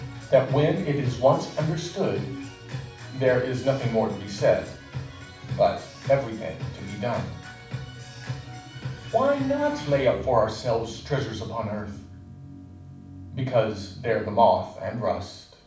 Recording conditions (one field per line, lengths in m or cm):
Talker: one person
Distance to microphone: 5.8 m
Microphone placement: far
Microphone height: 1.8 m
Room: medium-sized (5.7 m by 4.0 m)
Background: music